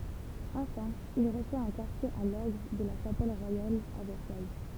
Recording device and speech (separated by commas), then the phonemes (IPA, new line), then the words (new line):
temple vibration pickup, read sentence
ɑ̃fɛ̃ il ʁəswa œ̃ kaʁtje a lɔʁɡ də la ʃapɛl ʁwajal a vɛʁsaj
Enfin, il reçoit un quartier à l'orgue de la Chapelle royale à Versailles.